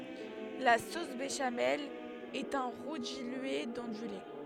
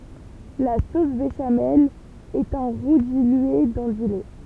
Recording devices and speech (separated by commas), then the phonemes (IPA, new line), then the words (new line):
headset microphone, temple vibration pickup, read sentence
la sos beʃamɛl ɛt œ̃ ʁu dilye dɑ̃ dy lɛ
La sauce béchamel est un roux dilué dans du lait.